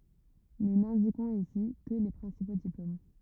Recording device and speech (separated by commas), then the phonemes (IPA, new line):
rigid in-ear microphone, read sentence
nu nɛ̃dikɔ̃z isi kə le pʁɛ̃sipo diplom